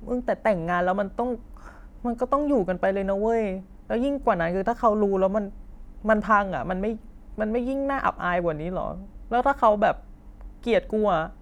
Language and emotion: Thai, frustrated